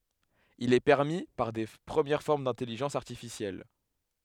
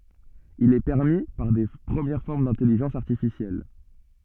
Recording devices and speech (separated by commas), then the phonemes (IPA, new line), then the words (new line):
headset microphone, soft in-ear microphone, read sentence
il ɛ pɛʁmi paʁ də pʁəmjɛʁ fɔʁm dɛ̃tɛliʒɑ̃s aʁtifisjɛl
Il est permis par de premières formes d'intelligence artificielle.